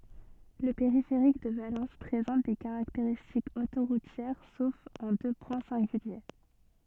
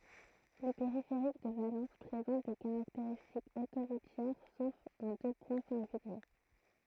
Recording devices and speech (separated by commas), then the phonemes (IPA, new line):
soft in-ear microphone, throat microphone, read sentence
lə peʁifeʁik də valɑ̃s pʁezɑ̃t de kaʁakteʁistikz otoʁutjɛʁ sof ɑ̃ dø pwɛ̃ sɛ̃ɡylje